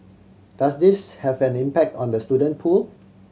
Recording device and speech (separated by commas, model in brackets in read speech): mobile phone (Samsung C7100), read sentence